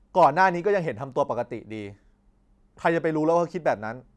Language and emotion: Thai, angry